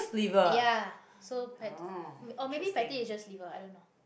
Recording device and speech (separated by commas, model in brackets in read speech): boundary microphone, conversation in the same room